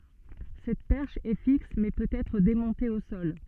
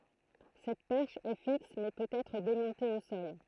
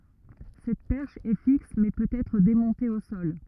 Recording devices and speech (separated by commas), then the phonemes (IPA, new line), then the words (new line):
soft in-ear microphone, throat microphone, rigid in-ear microphone, read sentence
sɛt pɛʁʃ ɛ fiks mɛ pøt ɛtʁ demɔ̃te o sɔl
Cette perche est fixe mais peut être démontée au sol.